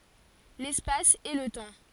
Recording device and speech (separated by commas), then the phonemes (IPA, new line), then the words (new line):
forehead accelerometer, read sentence
lɛspas e lə tɑ̃
L'espace et le temps.